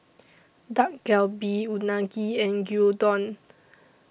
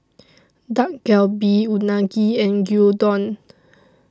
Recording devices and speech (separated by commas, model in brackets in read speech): boundary microphone (BM630), standing microphone (AKG C214), read sentence